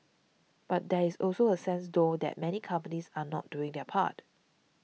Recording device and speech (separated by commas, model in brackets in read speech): mobile phone (iPhone 6), read sentence